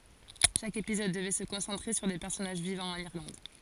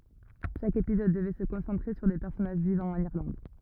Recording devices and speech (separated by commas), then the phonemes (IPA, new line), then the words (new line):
forehead accelerometer, rigid in-ear microphone, read sentence
ʃak epizɔd dəvɛ sə kɔ̃sɑ̃tʁe syʁ de pɛʁsɔnaʒ vivɑ̃ ɑ̃n iʁlɑ̃d
Chaque épisode devait se concentrer sur des personnages vivant en Irlande.